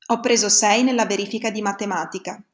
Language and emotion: Italian, neutral